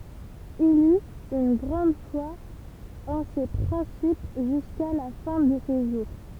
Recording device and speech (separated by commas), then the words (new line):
temple vibration pickup, read sentence
Il eut une grande foi en ces principes jusqu'à la fin de ses jours.